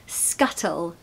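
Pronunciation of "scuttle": In 'scuttle', the double t is fully pronounced as a strong T, as in a British accent.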